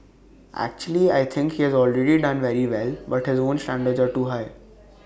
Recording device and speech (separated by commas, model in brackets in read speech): boundary microphone (BM630), read sentence